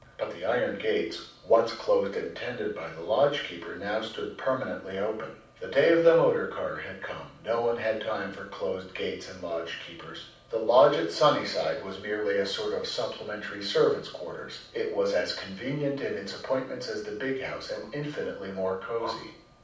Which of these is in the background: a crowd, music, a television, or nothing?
Nothing.